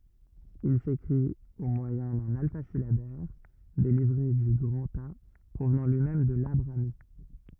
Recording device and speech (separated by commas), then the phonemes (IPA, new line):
rigid in-ear microphone, read sentence
il sekʁit o mwajɛ̃ dœ̃n alfazilabɛʁ deʁive dy ɡʁɑ̃ta pʁovnɑ̃ lyi mɛm də la bʁami